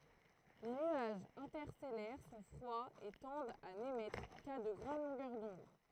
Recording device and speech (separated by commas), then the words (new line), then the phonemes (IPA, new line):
throat microphone, read sentence
Les nuages interstellaires sont froids et tendent à n'émettre qu'à de grandes longueurs d'onde.
le nyaʒz ɛ̃tɛʁstɛlɛʁ sɔ̃ fʁwaz e tɑ̃dt a nemɛtʁ ka də ɡʁɑ̃d lɔ̃ɡœʁ dɔ̃d